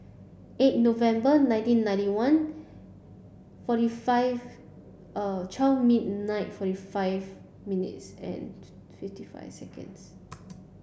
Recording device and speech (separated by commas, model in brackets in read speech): boundary microphone (BM630), read sentence